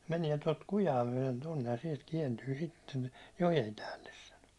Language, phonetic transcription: Finnish, » 'mäniɛ tot 'kujaa myäₒlen tonnej ja siɛlt 'kiɛntyy sitten , 'jojem 'päälles « sano .
- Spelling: meni tuota kujaa myöten tuonne ja sieltä kääntyy sitten joen päälle sanoi

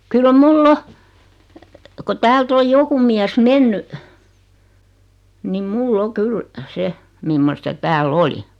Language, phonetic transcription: Finnish, 'kyl "mul"l ‿o , ko 'täält ‿oj 'joku miäs "menny , nim 'mul'l ‿o "kyl , 'se , mimmosta "tääl"l ‿oli .
- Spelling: kyllä minulla on kun täältä on joku mies mennyt niin minulla on kyllä se mimmoista täällä oli

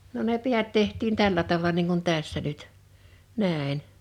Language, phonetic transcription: Finnish, no ne 'piät 'teht̀iin 'tällä tava(la) niiŋ kun 'tässä nyt , 'nä̀en .
- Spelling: no ne päät tehtiin tällä tavalla niin kuin tässä nyt näin

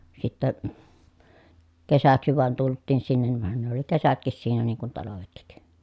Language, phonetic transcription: Finnish, sittä , kesäksi vàen tulttiin sinnen (ni) van ne ‿oli kesätkis siinä niŋ kun talavetki .
- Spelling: sitten kesäksi vain tultiin sinne niin vaan ne oli kesätkin siinä niin kuin talvetkin

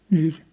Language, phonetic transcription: Finnish, nii isä .
- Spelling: niin isä

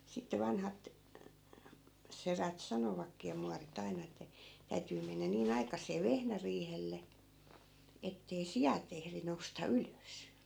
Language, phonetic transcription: Finnish, sitte 'vanhat , "serät 'sanovakkii ja 'muari't ‿aina ettᵃ̈ , 'täytyy mennä nii'n ‿aikas̆see 'vehnäriihelle , ettei "sijat , 'ehri nousta "ylös .
- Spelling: sitten vanhat sedät sanovatkin ja muorit aina että täytyy mennä niin aikaiseen vehnäriihelle että ei siat ehdi nousta ylös

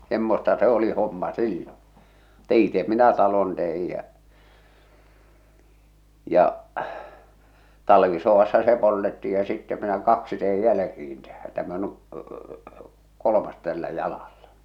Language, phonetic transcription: Finnish, 'semmosta se 'oli 'homma "silloo̰ , (mutta) "ite minä 'talon teij̆ jä͔ , ja’ , 'talvisoʷassa 'se 'poltetti ja sittɛ minä "kaksi teij "jäl̳ᵃ̈kiin tähä , 'täm ‿o ny' , 'kolomas tällä "jalalla .
- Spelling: semmoista se oli homma silloin mutta itse minä talon tein ja ja talvisodassa se poltettiin ja sitten minä kaksi tein jälkeen tähän tämä on nyt kolmas tällä jalalla

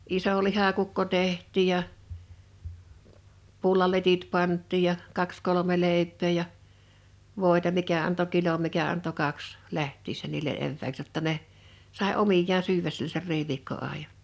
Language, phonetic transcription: Finnish, 'iso 'lihakukko 'teh̀t̆tì ja , 'pullaletit 'pant̆tiij ja , 'kaks kolome 'lèip̆pee ja , 'vòi̬ta 'mikä anto "kilom mikä anto "kaks , 'läht̆tiissä niile(n) 'evvääks jotta ne , sàe 'omijjaan 'syyväs (sielä) ser 'riiviikko'àḙja .
- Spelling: iso lihakukko tehtiin ja pullaletit pantiin ja kaksi kolme leipää ja voita mikä antoi kilon mikä antoi kaksi lähtiessä niille evääksi jotta ne sai omiaan syödä siellä sen riiviikkoajan

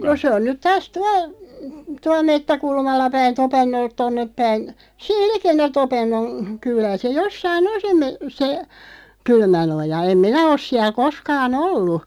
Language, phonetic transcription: Finnish, no 'se on nyt 'taas 'tual , 'tual "mettäkulmalla 'päin "Topennolt 'tonnep päin , 'siil "like(nn)ä 'Topennon , 'kyl̀ää , se 'jossai"n ‿on se (mö-) , se 'Kylmänoja 'em "minä os siäˡ 'koskaa"n ‿ollu .
- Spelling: no se on nyt taas tuolla tuolla metsäkulmalla päin Topennolta tuonne päin siinä likellä Topennon kylää se jossakin on se - se Kylmänoja en minä ole siellä koskaan ollut

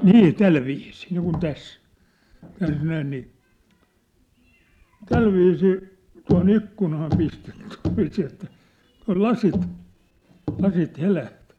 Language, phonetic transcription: Finnish, nii , 'tälviisii , niikun 'täs , täs 'näin nii , "tälviisii , tua̭ho'n ‿ikkunaa 'pistet(tɪɪ) , silviisii että , tua̭l "lasit , 'lasit "heläht .
- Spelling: niin tällä viisiin niin kuin tässä tässä näin niin tällä viisiin tuohon ikkunaan pistettiin sillä viisiin että tuolla lasit lasit helähti

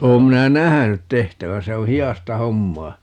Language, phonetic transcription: Finnish, 'oom 'minä "nähänyt "tehtävä - 'se o "hi₍asta 'hommaa .
- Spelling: olen minä nähnyt tehtävän se on hidasta hommaa

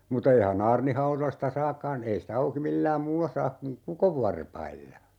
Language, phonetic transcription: Finnish, mut(a) 'eihä'n ‿aarnihauroⁱsta "saakkaan , 'ei si't ‿auki 'millääm "muulla 'saak kuŋ "kukovvarpailla .
- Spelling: mutta eihän aarnihaudoista saakaan ei sitä auki millään muulla saa kuin kukonvarpailla

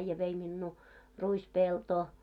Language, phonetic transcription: Finnish, äⁱjjä vei minnuu , 'ruis'peltoo .
- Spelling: äijä vei minua ruispeltoon

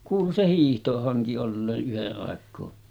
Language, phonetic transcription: Finnish, kuulu se 'hiihtohaŋki ollee’ ’yhe’ ’àek̀oo .
- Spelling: kuului se hiihtohanki olleen yhden aikaa

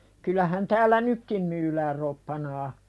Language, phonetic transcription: Finnish, kyl̆lähän täällä "nykkim myyläär 'roppanaa .
- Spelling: kyllähän täällä nytkin myydään roppanaa

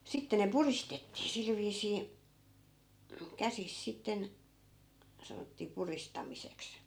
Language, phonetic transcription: Finnish, 'sitte ne "puristettii 'sil viisii , 'käsis 'sitten , 'sanottii "puristamiseks .
- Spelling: sitten ne puristettiin sillä viisiin käsissä sitten sanottiin puristamiseksi

